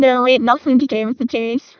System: VC, vocoder